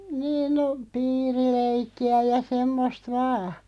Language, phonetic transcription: Finnish, 'niin no , "piiri'leikki₍ä ja 'semmost "vaa .
- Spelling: niin no piirileikkiä ja semmoista vain

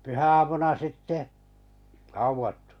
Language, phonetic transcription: Finnish, 'pyhä₍amuna 'sitte , hauvattᴜ .
- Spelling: pyhäaamuna sitten haudattu

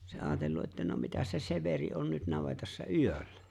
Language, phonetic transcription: Finnish, se 'aatellu’ ’että no 'mitäs se 'Severi on nyt 'navetassa "yöllä .
- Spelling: se ajatellut että no mitäs se Severi on nyt navetassa yöllä

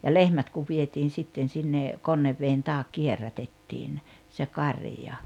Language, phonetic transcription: Finnish, ja "lehmät kuv 'vietiin̬ 'sitten sinne , "Konnevveen 'taak 'kierrätettiin , se 'karⁱja .
- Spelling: ja lehmät kun vietiin sitten sinne Konneveden taakse kierrätettiin se karja

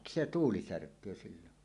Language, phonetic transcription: Finnish, se "tuuli 'särk̀öö sillon .
- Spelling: se tuuli särkee silloin

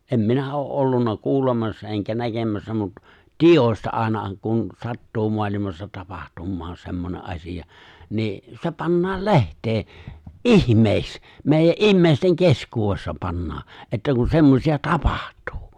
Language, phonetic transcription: Finnish, '’em 'minä oo’ '’ollunna 'kuulemassa eŋkä 'näkemässä mut , ('tiij̆jos̀ta) 'àena(ha) kun "sattuu 'moalimassa 'tapahtummaa 'semmone’ '’asiʲa , nii , se̬ 'pannaal "leht̀ee , "’ihmeeks , 'mèijä’ "’imméisteŋ "keskuuwessa 'pannaa , e̬ttä kun 'semmosi₍a "tapᴀʜt̀ᴜᴜ .
- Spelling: en minä ole ollut kuulemassa enkä näkemässä mutta tiedosta ainahan kun sattuu maailmassa tapahtuu semmoinen asia niin se pannaan lehteen ihmeeksi meidän ihmisten keskuudessa pannaan että kun semmoisia tapahtuu

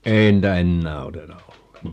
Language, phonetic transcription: Finnish, 'ei niitä "ennää 'oteta 'ol(leŋka) .
- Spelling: ei niitä enää oteta ollenkaan

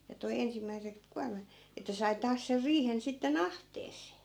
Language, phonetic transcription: Finnish, ja toi 'ensimmäisek 'kuarmat , että sai 'taas ser 'riihen sitte"n ‿ahtees̆see .
- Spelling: ja toi ensimmäiset kuormat että sai taas sen riihen sitten ahteeseen

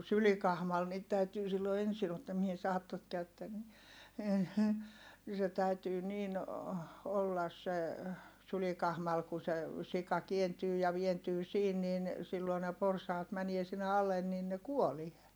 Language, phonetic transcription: Finnish, sylikahmal niit täytyy sillo ensi ottaa (--) , se täytyy niin , ollas se , sylikahmal ku se , sika kientyy ja vientyy siin nin , silloi ne porsaat mänie sinne alen niin ne kuolie .
- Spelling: sylikahmalla niitä täytyy silloin ensin ottaa - se täytyy niin olla se sylikahmalla kun se sika kääntyy ja vääntyy siinä niin silloin ne porsaat menee sinne alle niin ne kuolee

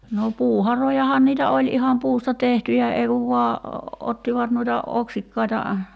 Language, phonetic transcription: Finnish, no 'puu'harojahan niitä 'oĺ iham 'puusta "tehtyjä ei kuv vua , 'ottivat nuita , 'oksikkaita ,.
- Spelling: no puuharojahan niitä oli ihan puusta tehtyjä ei kun vain ottivat noita oksikkaita

